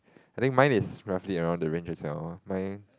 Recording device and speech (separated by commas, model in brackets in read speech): close-talking microphone, conversation in the same room